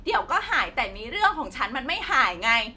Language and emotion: Thai, angry